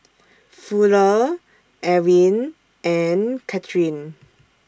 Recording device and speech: standing microphone (AKG C214), read sentence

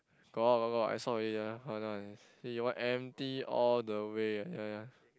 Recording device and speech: close-talking microphone, conversation in the same room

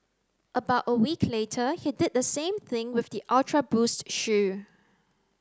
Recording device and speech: close-talking microphone (WH30), read sentence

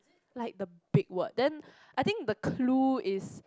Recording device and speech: close-talking microphone, conversation in the same room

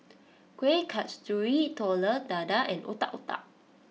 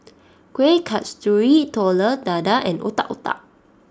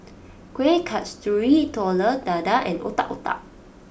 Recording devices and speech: mobile phone (iPhone 6), standing microphone (AKG C214), boundary microphone (BM630), read sentence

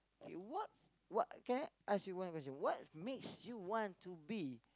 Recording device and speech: close-talking microphone, conversation in the same room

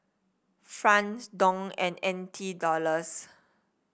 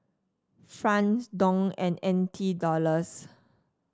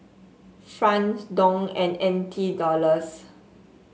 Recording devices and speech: boundary microphone (BM630), standing microphone (AKG C214), mobile phone (Samsung S8), read sentence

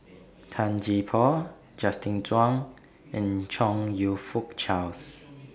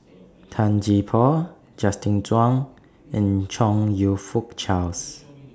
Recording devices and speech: boundary microphone (BM630), standing microphone (AKG C214), read sentence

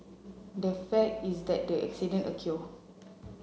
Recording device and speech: mobile phone (Samsung C7), read sentence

